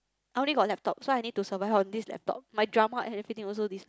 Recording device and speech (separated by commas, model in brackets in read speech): close-talking microphone, conversation in the same room